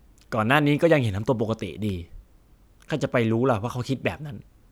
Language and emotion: Thai, frustrated